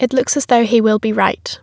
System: none